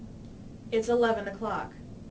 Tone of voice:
neutral